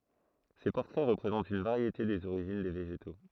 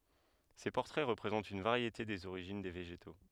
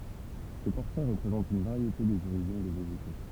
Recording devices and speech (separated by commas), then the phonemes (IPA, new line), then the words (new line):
throat microphone, headset microphone, temple vibration pickup, read sentence
se pɔʁtʁɛ ʁəpʁezɑ̃tt yn vaʁjete dez oʁiʒin de veʒeto
Ces portraits représentent une variété des origines des végétaux.